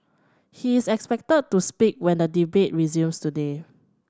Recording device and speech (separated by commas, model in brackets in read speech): standing microphone (AKG C214), read sentence